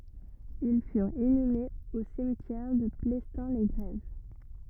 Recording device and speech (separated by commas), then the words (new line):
rigid in-ear microphone, read sentence
Ils furent inhumés au cimetière de Plestin-les-Grèves.